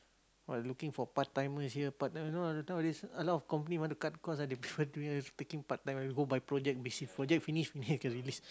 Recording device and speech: close-talking microphone, conversation in the same room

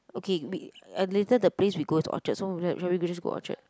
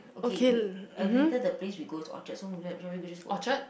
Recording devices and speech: close-talking microphone, boundary microphone, conversation in the same room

